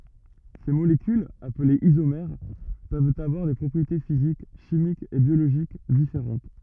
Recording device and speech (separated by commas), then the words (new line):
rigid in-ear microphone, read sentence
Ces molécules, appelées isomères, peuvent avoir des propriétés physiques, chimiques et biologiques différentes.